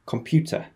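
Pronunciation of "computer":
'computer' is said the British English way: the R is dropped after the schwa sound at the end of the word.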